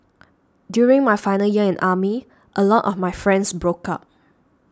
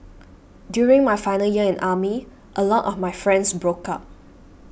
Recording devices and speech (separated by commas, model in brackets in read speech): standing microphone (AKG C214), boundary microphone (BM630), read sentence